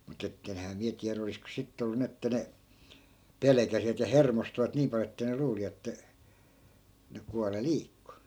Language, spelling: Finnish, mutta että enhän minä tiedä olisiko sitten ollut niin että ne pelkäsivät ja hermostuivat niin paljon että ne luuli että ne kuolleet liikkui
- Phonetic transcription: mu't ‿ettenhää 'miä tiärä olisko 'sittᵉ ollu 'ni että ne , "pelᵉkäsivät ja "hermostuvat 'niim pal(jo) että ne 'luuli että , ne 'kuale "liikku .

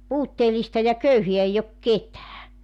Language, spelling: Finnish, puutteellista ja köyhää ei ole ketään
- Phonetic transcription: "puutteelista ja "köyheä 'eij ‿ok "ketää .

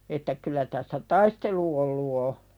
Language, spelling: Finnish, että kyllä tässä taistelu ollut on
- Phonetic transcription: että 'kul̆lä tässä "taistelu ollu o .

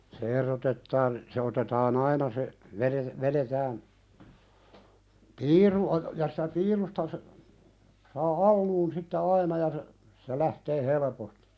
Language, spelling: Finnish, se erotetaan se otetaan aina se - vedetään piiru - ja sitä piirusta - saa alun sitten aina ja se se lähtee helposti
- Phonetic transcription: 'se erotettaan , se 'otetaa"n ‿aina se , veðe- 'veðetään , "piiru o- ja sɪtä "piirusta sə- , saa "alluun sitte 'aina ja se , se 'lähtee "helᵉpostɪ .

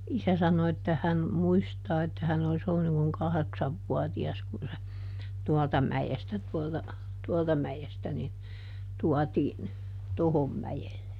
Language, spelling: Finnish, isä sanoi että hän muistaa että hän olisi ollut niin kuin kahdeksanvuotias kun se tuolta mäestä tuolta tuolta mäestä niin tuotiin tuohon mäelle
- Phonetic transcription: ˈisä sano että ˈhän , "muistaa että hän olis ollun niŋ kuŋ ˈkaheksavvuati₍as kun se , "tualta ˈmäjestä tuolta , "tuɔlta ˈmäjestä nin , ˈtuatiin , "tohom ˈmäjelle .

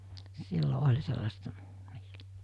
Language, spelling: Finnish, silloin oli sellaista niillä
- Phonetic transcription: 'sillo 'oĺ sellasta , ('niilᴀ̈) .

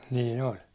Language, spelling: Finnish, niin oli
- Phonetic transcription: nii'n ‿oĺ .

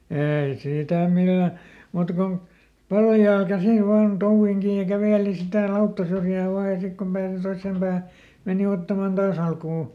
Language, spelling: Finnish, ei sitä millään muuta kuin paljaalla käsillä vain touviin kiinni ja käveli sitä lauttasyrjää vain ja sitten kun pääsi toiseen päähän meni ottamaan taas alkua
- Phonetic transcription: ˈeei ˈsìtä "millä , muuta kon , ˈpaljaal ˈkäsil vaan ˈtouvviŋ ˈkiij ja ˈkävèli sitä "lauttasyrjää ˈvaa ja ˈsik kom pääsi ˈtoissèm Bäähä , ˈmèni ottaman "Daas ‿alkuu .

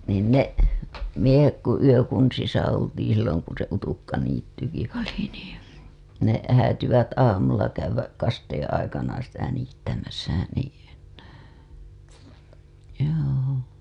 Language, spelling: Finnish, niin ne miehet kun yökunnissa oltiin silloin kun se utukkaniittykin oli niin ne häätyivät aamulla käydä kasteen aikana sitä niittämässä niin joo
- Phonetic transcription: niin ne , miehek ku yökunsisa oltiiḭ silloŋ kun̬ se utukkaniittyki oli nii , ne , häätyvät 'aamulla käywäk 'kasteeḛ aikana sitä niittämäsä niiN , joo .

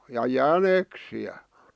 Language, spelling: Finnish, ja jäniksiä
- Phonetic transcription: ja "jäneksi₍ä .

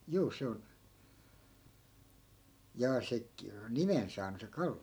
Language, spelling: Finnish, juu se on jaa se - nimen saanut se kallio
- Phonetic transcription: 'juu 'se on , jaa 'se k- , "nimen saanu se 'kalli₍o ?

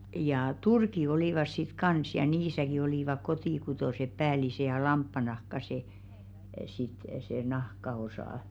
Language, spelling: Finnish, jaa turkki oli sitten kanssa ja niissäkin olivat kotikutoiset päälliset ja lampaannahka se sitten se nahkaosa
- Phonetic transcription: jaa "turki olìvas sit 'kans ja 'niisäki olìvak "kotìkutòseᵖ 'päälise ja "lamppanahka 'se , sit se 'nahka₍osà .

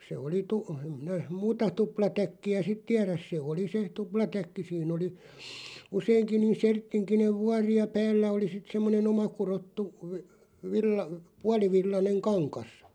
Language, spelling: Finnish, se oli - en minä muuta tuplatäkkiä sitten tiedä se oli se tuplatäkki siinä oli useinkin niin serttinkinen vuori ja päällä oli sitten semmoinen omakudottu - - puolivillainen kangas
- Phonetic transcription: 'se oli 'tu- , em 'minä , "muuta 'tuplatäkki₍ä "sit 'tiäräs se 'oli se 'tuplatäkki siin ‿oli , 'useiŋki niin̬ 'serttiŋkinev "vuari ja 'päällä oli sit 'semmone"n ‿omakurottu , və- , 'villa- , "pualivillaneŋ 'kaŋkas .

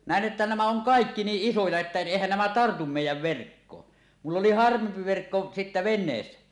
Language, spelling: Finnish, näen että nämä on kaikki niin isoja että eihän nämä tartu meidän verkkoon minulla oli harvempi verkko sitten veneessä
- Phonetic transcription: 'nä̀en ’että nämä oŋ "kàekki 'niiˀ "ˀisoja että 'èihän nämä 'tartum mèij̆jäv 'verkkoon , mull ‿oli 'harvempi 'verkko sittä ven̆neessä .

